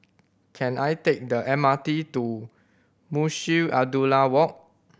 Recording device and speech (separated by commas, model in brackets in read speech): boundary microphone (BM630), read sentence